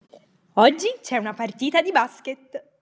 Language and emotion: Italian, happy